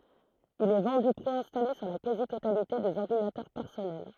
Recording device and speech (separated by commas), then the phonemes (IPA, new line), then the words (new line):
throat microphone, read sentence
il ɛ vɑ̃dy pʁeɛ̃stale syʁ la kazi totalite dez ɔʁdinatœʁ pɛʁsɔnɛl
Il est vendu préinstallé sur la quasi-totalité des ordinateurs personnels.